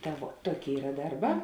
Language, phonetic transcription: Lithuanian, ˈta vuo ˈtuoˌkėi ˈyra ˈdarˌbā

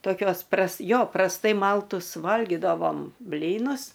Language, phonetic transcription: Lithuanian, toˈkios pras ˈjo prasˈtai ˈmaltus ˈvalgidavom ˈblynus

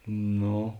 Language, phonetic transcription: Lithuanian, ˈno

